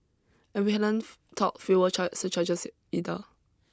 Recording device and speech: close-talking microphone (WH20), read sentence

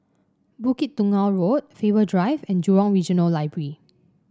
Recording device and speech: standing microphone (AKG C214), read sentence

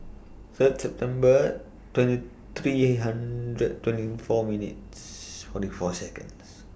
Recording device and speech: boundary microphone (BM630), read sentence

